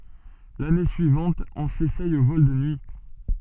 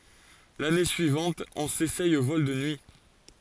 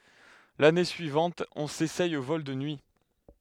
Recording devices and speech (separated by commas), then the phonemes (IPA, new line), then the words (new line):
soft in-ear microphone, forehead accelerometer, headset microphone, read sentence
lane syivɑ̃t ɔ̃ sesɛj o vɔl də nyi
L'année suivante, on s'essaye aux vols de nuit.